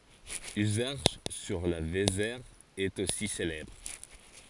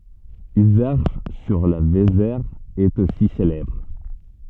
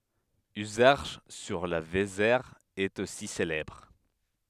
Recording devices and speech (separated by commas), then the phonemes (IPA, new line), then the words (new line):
forehead accelerometer, soft in-ear microphone, headset microphone, read sentence
yzɛʁʃ syʁ la vezɛʁ ɛt osi selɛbʁ
Uzerche, sur la Vézère, est aussi célèbre.